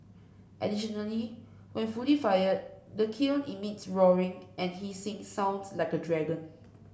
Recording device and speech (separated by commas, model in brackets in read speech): boundary microphone (BM630), read sentence